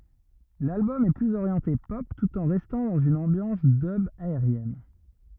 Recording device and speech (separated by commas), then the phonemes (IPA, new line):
rigid in-ear microphone, read sentence
lalbɔm ɛ plyz oʁjɑ̃te pɔp tut ɑ̃ ʁɛstɑ̃ dɑ̃z yn ɑ̃bjɑ̃s dœb aeʁjɛn